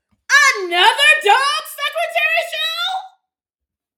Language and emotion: English, surprised